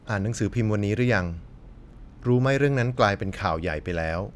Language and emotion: Thai, neutral